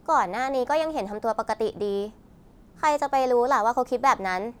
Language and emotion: Thai, frustrated